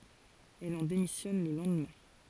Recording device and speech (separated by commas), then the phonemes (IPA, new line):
forehead accelerometer, read sentence
ɛl ɑ̃ demisjɔn lə lɑ̃dmɛ̃